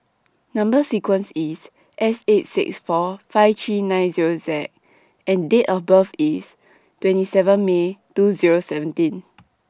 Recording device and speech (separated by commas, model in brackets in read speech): standing microphone (AKG C214), read sentence